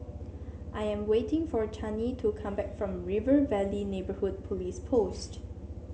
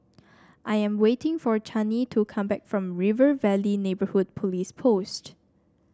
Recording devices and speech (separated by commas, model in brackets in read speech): mobile phone (Samsung C7), standing microphone (AKG C214), read sentence